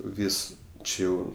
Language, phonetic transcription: Lithuanian, ˈvys ˈči jau

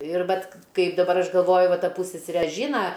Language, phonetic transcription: Lithuanian, ir ˈvat ˈkaip daˈbar ˈaš galˈvoju ˈva ˈta ˈpūssesere ˈžyna

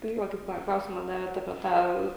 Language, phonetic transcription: Lithuanian, ˈtai va kaip ˈtą ˈklausima ˈdavėt apie ˈtą

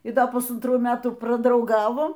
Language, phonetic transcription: Lithuanian, y ˈda pusantˈrų ˈmetų pradrauˈgavo

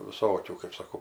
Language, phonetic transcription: Lithuanian, viˈsokių kɜp saˈkau

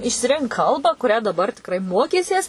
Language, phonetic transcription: Lithuanian, išsiˈrink ˈkalbą kuˈrią daˈbar tikˈrai ˈmokysies

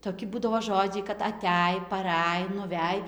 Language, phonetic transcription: Lithuanian, toˈki ˈbūdavo ˈžodžiai kad aˈtæj paˈræj nuˈvæj

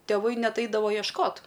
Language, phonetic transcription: Lithuanian, tėˈvai ˈnet ˈaidavo iešˈkot

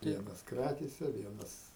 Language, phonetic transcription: Lithuanian, ˈvienas ˈkrakėse ˈvienas

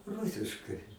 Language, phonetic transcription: Lithuanian, ˈrusiškai

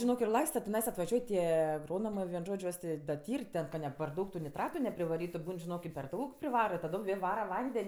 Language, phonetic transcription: Lithuanian, žiˈnok ir ˈlaista tiˈnais atvaˈžiuoj ˈtie agˈronomɜ vien ˈžodž' ˈjuos ˈtė da ˈtyr' ˈten ka ne par ˈdaug tu niˈtratu neprivaˈrytu ˈbūn žiˈnok i per ˈdaug privara i taˈdom ˈvėl ˈvara ˈvanden'

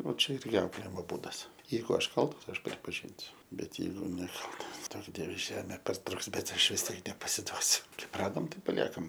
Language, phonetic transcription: Lithuanian, o ˈčia ˈirgi ˈauklėjimo ˈbūdas ˈjeigu ˈaš ˈkaltas ˈaš pripaˈžinsiu ˈbet ˈjeigu neˈkaltas ˈduok ˈdieve ˈžemė parˈtruks ˈbet ˈaš vis ˈtiek nepasiˈduosiu ˈkaip ˈradom ˈtaip paˈliekam

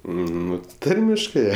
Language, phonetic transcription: Lithuanian, ˈnu ˈtarmiškɜ

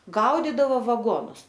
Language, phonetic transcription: Lithuanian, ˈgaudydavo vaˈgonus

